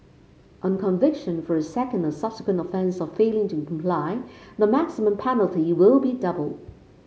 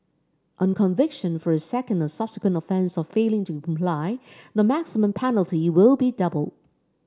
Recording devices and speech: mobile phone (Samsung C5), standing microphone (AKG C214), read sentence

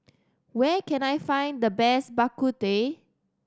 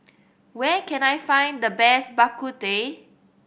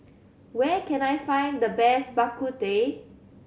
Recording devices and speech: standing microphone (AKG C214), boundary microphone (BM630), mobile phone (Samsung C7100), read sentence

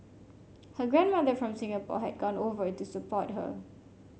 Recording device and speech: mobile phone (Samsung C5), read sentence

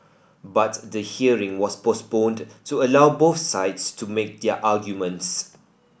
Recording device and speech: boundary microphone (BM630), read sentence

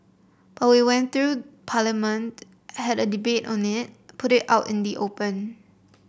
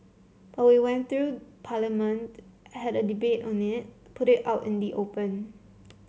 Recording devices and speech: boundary microphone (BM630), mobile phone (Samsung C7), read sentence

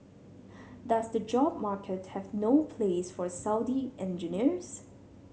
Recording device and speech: mobile phone (Samsung C7100), read sentence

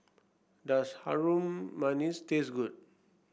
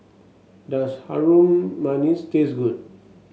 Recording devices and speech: boundary microphone (BM630), mobile phone (Samsung S8), read sentence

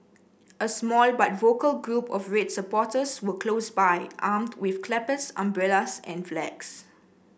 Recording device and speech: boundary microphone (BM630), read sentence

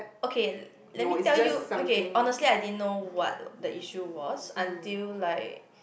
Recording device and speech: boundary microphone, conversation in the same room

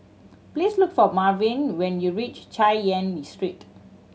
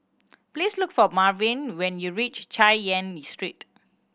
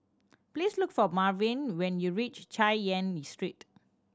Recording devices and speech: mobile phone (Samsung C7100), boundary microphone (BM630), standing microphone (AKG C214), read sentence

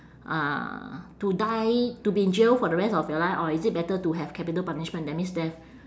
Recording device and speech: standing microphone, conversation in separate rooms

